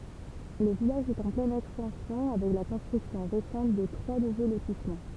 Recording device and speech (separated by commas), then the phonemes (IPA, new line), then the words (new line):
temple vibration pickup, read sentence
lə vilaʒ ɛt ɑ̃ plɛn ɛkstɑ̃sjɔ̃ avɛk la kɔ̃stʁyksjɔ̃ ʁesɑ̃t də tʁwa nuvo lotismɑ̃
Le village est en pleine extension avec la construction récente de trois nouveaux lotissements.